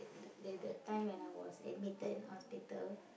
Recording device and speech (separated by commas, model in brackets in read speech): boundary microphone, conversation in the same room